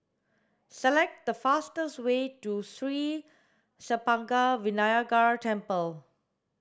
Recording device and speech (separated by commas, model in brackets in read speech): standing microphone (AKG C214), read sentence